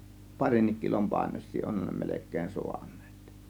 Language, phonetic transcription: Finnish, 'parinnik kilom 'pàėnoś̆sii 'onhan ne 'melek̆keen 'sȮANNEEt .
- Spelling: parinkin kilon painoisia onhan ne melkein saaneet

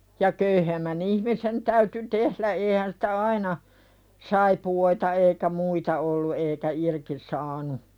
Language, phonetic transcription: Finnish, ja köyhemmä'n ‿ihmisen täyty "tehlä eehän sɪtä "aina , 'saipu₍oita eikä 'muita ollu eekä "irki saanu .
- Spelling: ja köyhemmän ihmisen täytyi tehdä eihän sitä aina saippuoita eikä muita ollut eikä irti saanut

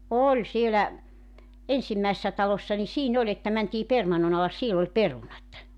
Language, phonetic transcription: Finnish, "oĺ 'sielä , 'ensimmäissä 'talossa ni 'siin ‿oĺ ‿että mäntii 'permannon ‿alas 'siel ‿oĺ "perunat .
- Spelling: oli siellä ensimmäisissä taloissa niin siinä oli että mentiin permannon alas siellä oli perunat

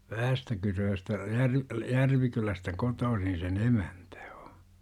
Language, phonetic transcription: Finnish, 'Vähästäkyrööstä , Järv- , 'Järvikylästä 'kotoosin̬ se"n ‿emäntÄ o .
- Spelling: Vähästäkyröstä - Järvikylästä kotoisin sen emäntä on

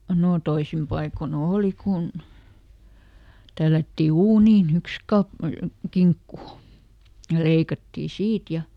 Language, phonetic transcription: Finnish, nò ˈtoisim paiko"n ‿òli kun , ˈtällätti "uuniiˈn ‿yks kap- , ˈkiŋkku , ja ˈleikattii "siit ja ,.
- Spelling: no toisin paikoin oli kun tällättiin uuniin yksi - kinkku ja leikattiin siitä ja

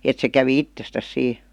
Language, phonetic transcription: Finnish, et se kävi "ittestäs sii .
- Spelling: että se kävi itsestään siinä

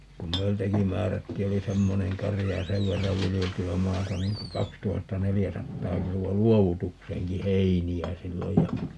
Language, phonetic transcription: Finnish, kum "meiltäki 'määrättii - oli 'semmoneŋ 'karija ja "sev verrav 'vilijelty₍ä 'maata 'niŋ ku 'kakstuhatta"nelijäsattaa 'kilu₍a "luovutukseeŋki "heini₍ä 'silloj ja , .
- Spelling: kun meiltäkin määrättiin oli semmoinen karja ja sen verran viljeltyä maata niin kuin kaksituhattaneljäsataa kiloa luovutukseenkin heiniä silloin ja

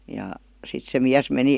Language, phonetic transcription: Finnish, ja , sit se 'miäs meni ,.
- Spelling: ja sitten se mies meni

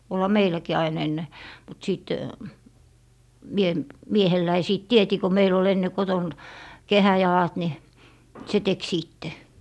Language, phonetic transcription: Finnish, olha 'meiläkii ain ‿enne , mut 'sìt , mie , 'miehelläi sìt "tieti ko meil ‿ol enne 'koton , "kehäjalat ni , se tek 'sìtte .
- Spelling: olihan meilläkin aina ennen mutta sitten minä miehelläni sitten teetin kun meillä oli ennen kotona kehäjalat niin se teki sitten

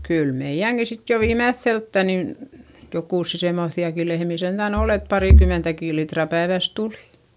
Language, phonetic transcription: Finnish, kyl meiʲäŋki sit jo viimeϑϑelttä nin , jokùssi semmoϑϑi₍aki lehmì sentä̀n ‿ol ‿et parìkymentäkì litra päevä̀s tulI .
- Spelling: kyllä meidänkin sitten jo viimeiseltä niin jokusia semmoisiakin lehmiä sentään oli että parikymmentäkin litraa päivässä tuli

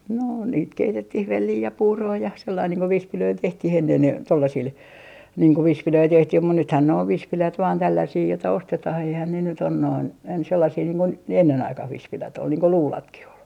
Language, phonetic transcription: Finnish, no , niit "keitettih "vellii ja "puuroo ja , sellain niiŋ ko "vispilöil 'tehtih 'ennen , 'tollasil , niiŋ ko 'vispilöi 'tehtih mut nythän ne ov 'vispilät vaan 'tälläsii jota "ostetah eihän ne nyt ‿on noin , ens sellasii niiŋ ko , ne 'ennen 'aikah 'vispilät ‿ol niiŋ ko "luulatkih ‿ol .
- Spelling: no niitä keitettiin velliä ja puuroa ja sillä lailla niin kuin vispilöillä tehtiin ennen tuollaisilla niin kuin vispilöitä tehtiin mutta nythän ne on vispilät vain tällaisia jota ostetaan eihän ne nyt ole noin ensin sellaisia niin kuin ne ennen aikaan vispilät oli niin kuin luudatkin oli

